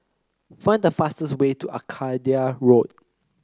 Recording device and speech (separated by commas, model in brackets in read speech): close-talking microphone (WH30), read sentence